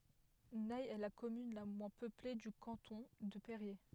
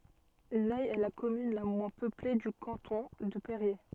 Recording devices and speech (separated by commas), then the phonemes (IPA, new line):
headset microphone, soft in-ear microphone, read sentence
nɛ ɛ la kɔmyn la mwɛ̃ pøple dy kɑ̃tɔ̃ də peʁje